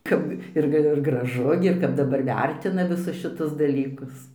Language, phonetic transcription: Lithuanian, ˈkap ˈir gə ˈgražu gi ir ˈkap daˈbar ˈvertina viˈsus šiˈtus daˈlykus

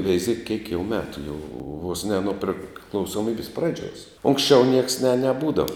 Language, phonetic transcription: Lithuanian, veiˈziek kiek jau ˈmetu jau vos ne nu priklausoˈmybis ˈpradžiuos ˈunksčiau nieks ne neˈbūdava

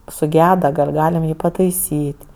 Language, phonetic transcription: Lithuanian, suˈgeda gal' ˈgalim ˈjį pataiˈsyt'

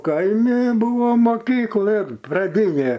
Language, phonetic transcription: Lithuanian, ˈkaimi ˈbūvo moˈkyklɘn praˈdynė

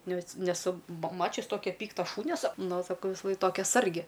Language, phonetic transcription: Lithuanian, ˈnes neˈsu ma ˈmačius ˈtokia ˈpykta ˈšūnia sa ˈnu saˈkau visaˈlaik ˈtokia ˈsargi

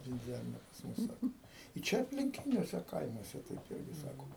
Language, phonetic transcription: Lithuanian, vinˈdziarnia pas ˈmus ˈsako i ˈčia aplinˈkiniuose ˈkaimuose taip ˈirgi ˈsako

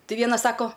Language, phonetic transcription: Lithuanian, ti ˈvienas ˈsako

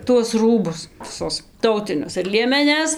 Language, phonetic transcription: Lithuanian, tuos ˈrūbus viˈsus ˈtautinius ir liemeˈnes

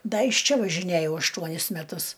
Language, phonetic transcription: Lithuanian, ˈda iš ˈčia važiˈnæjau ašˈtuonis meˈtus

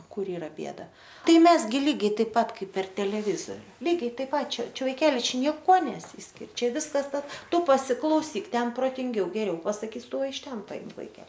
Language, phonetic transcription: Lithuanian, ˈkur ˈyra ˈbėda ˈtai ˈmes ˈgi ˈlygiai ˈtaip ˈpat ˈkaip per teleˈvizoriu ˈlygiai ˈtaip ˈpat ˈčia ˈčia vaiˈkeli ˈčia nieˈkuo neˈsyskir' ˈčia ˈviskas ˈtas ˈtu pasiklauˈsyk ˈten protinˈgiau geˈriau pasaˈkys ˈtu iš ˈten paˈimk vaiˈke

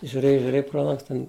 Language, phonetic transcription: Lithuanian, žiuˈrėj žiuˈrėj pro ˈlangs ten

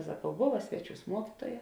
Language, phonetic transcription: Lithuanian, saˈkau ˈbova ˈsveˌčiūs ˈmuokituoja

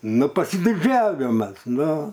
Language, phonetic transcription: Lithuanian, ˈnu pasidiˈdžiavimas ˈnu

